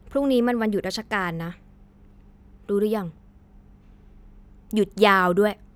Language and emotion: Thai, frustrated